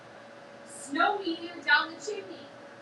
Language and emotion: English, sad